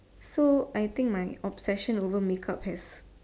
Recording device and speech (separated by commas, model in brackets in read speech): standing microphone, conversation in separate rooms